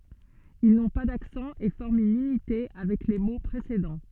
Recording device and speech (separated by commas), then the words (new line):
soft in-ear microphone, read sentence
Ils n'ont pas d'accent et forment une unité avec les mots précédents.